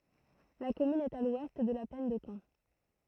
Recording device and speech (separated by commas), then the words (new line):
throat microphone, read sentence
La commune est à l'ouest de la plaine de Caen.